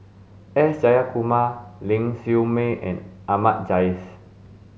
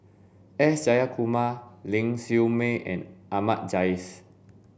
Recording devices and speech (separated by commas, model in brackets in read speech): mobile phone (Samsung S8), boundary microphone (BM630), read sentence